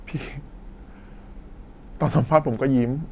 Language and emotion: Thai, happy